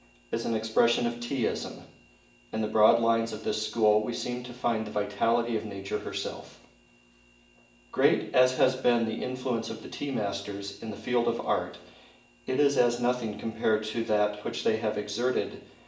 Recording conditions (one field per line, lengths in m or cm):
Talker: one person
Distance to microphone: 1.8 m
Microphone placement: close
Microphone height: 1.0 m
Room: large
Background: none